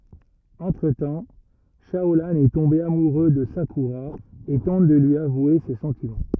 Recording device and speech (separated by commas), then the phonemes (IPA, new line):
rigid in-ear microphone, read sentence
ɑ̃tʁ tɑ̃ ʃaolɑ̃ ɛ tɔ̃be amuʁø də sakyʁa e tɑ̃t də lyi avwe se sɑ̃timɑ̃